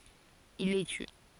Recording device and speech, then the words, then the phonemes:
forehead accelerometer, read sentence
Il les tue.
il le ty

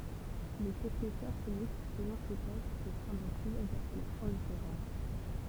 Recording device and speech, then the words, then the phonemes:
temple vibration pickup, read sentence
Le technicien chimiste, selon ses tâches, peut prendre plusieurs appellations différentes.
lə tɛknisjɛ̃ ʃimist səlɔ̃ se taʃ pø pʁɑ̃dʁ plyzjœʁz apɛlasjɔ̃ difeʁɑ̃t

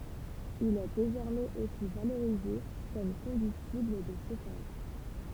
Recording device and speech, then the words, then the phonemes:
temple vibration pickup, read sentence
Il est désormais aussi valorisé comme combustible de chauffage.
il ɛ dezɔʁmɛz osi valoʁize kɔm kɔ̃bystibl də ʃofaʒ

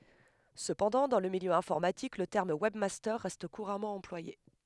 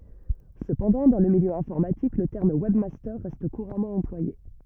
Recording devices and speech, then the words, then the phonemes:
headset microphone, rigid in-ear microphone, read sentence
Cependant, dans le milieu informatique, le terme webmaster reste couramment employé.
səpɑ̃dɑ̃ dɑ̃ lə miljø ɛ̃fɔʁmatik lə tɛʁm wɛbmastœʁ ʁɛst kuʁamɑ̃ ɑ̃plwaje

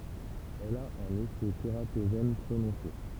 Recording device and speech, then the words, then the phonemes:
temple vibration pickup, read sentence
Elle a un effet tératogène prononcé.
ɛl a œ̃n efɛ teʁatoʒɛn pʁonɔ̃se

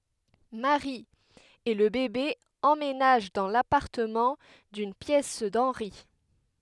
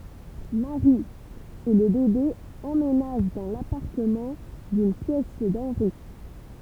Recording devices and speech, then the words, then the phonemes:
headset microphone, temple vibration pickup, read sentence
Mary et le bébé emménagent dans l’appartement d’une pièce d’Henry.
mɛwʁi e lə bebe ɑ̃menaʒ dɑ̃ lapaʁtəmɑ̃ dyn pjɛs dɑ̃nʁi

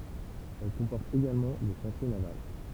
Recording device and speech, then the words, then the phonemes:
temple vibration pickup, read sentence
Elle comporte également des chantiers navals.
ɛl kɔ̃pɔʁt eɡalmɑ̃ de ʃɑ̃tje naval

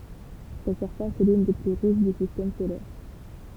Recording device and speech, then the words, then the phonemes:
temple vibration pickup, read sentence
Sa surface est l'une des plus rouges du Système solaire.
sa syʁfas ɛ lyn de ply ʁuʒ dy sistɛm solɛʁ

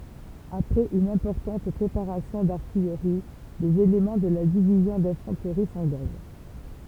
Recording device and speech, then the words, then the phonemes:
temple vibration pickup, read sentence
Après une importante préparation d'artillerie, les éléments de la Division d’Infanterie s’engagent.
apʁɛz yn ɛ̃pɔʁtɑ̃t pʁepaʁasjɔ̃ daʁtijʁi lez elemɑ̃ də la divizjɔ̃ dɛ̃fɑ̃tʁi sɑ̃ɡaʒ

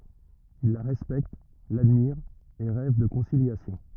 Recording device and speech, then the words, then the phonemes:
rigid in-ear microphone, read sentence
Ils la respectent, l'admirent et rêvent de conciliation.
il la ʁɛspɛkt ladmiʁt e ʁɛv də kɔ̃siljasjɔ̃

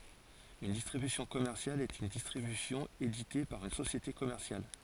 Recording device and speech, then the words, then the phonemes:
forehead accelerometer, read sentence
Une distribution commerciale est une distribution éditée par une société commerciale.
yn distʁibysjɔ̃ kɔmɛʁsjal ɛt yn distʁibysjɔ̃ edite paʁ yn sosjete kɔmɛʁsjal

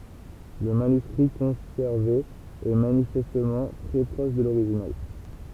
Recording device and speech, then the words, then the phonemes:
temple vibration pickup, read sentence
Le manuscrit conservé est manifestement très proche de l’original.
lə manyskʁi kɔ̃sɛʁve ɛ manifɛstmɑ̃ tʁɛ pʁɔʃ də loʁiʒinal

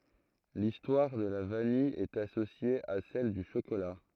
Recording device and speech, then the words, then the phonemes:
throat microphone, read sentence
L'histoire de la vanille est associée à celle du chocolat.
listwaʁ də la vanij ɛt asosje a sɛl dy ʃokola

